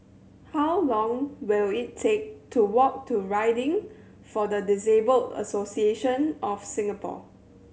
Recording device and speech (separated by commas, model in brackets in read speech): mobile phone (Samsung C7100), read sentence